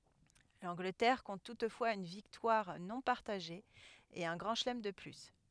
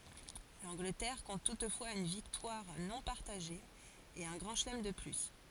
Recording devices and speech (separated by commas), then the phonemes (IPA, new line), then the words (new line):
headset microphone, forehead accelerometer, read sentence
lɑ̃ɡlətɛʁ kɔ̃t tutfwaz yn viktwaʁ nɔ̃ paʁtaʒe e œ̃ ɡʁɑ̃ ʃəlɛm də ply
L’Angleterre compte toutefois une victoire non partagée et un grand chelem de plus.